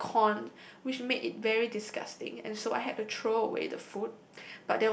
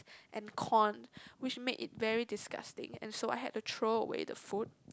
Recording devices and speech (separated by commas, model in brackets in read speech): boundary microphone, close-talking microphone, conversation in the same room